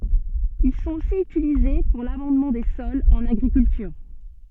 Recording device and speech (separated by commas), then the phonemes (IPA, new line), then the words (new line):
soft in-ear microphone, read sentence
il sɔ̃t osi ytilize puʁ lamɑ̃dmɑ̃ de sɔlz ɑ̃n aɡʁikyltyʁ
Ils sont aussi utilisés pour l'amendement des sols, en agriculture.